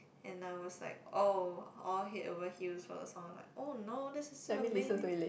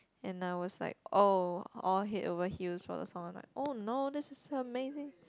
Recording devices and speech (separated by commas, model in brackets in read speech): boundary microphone, close-talking microphone, conversation in the same room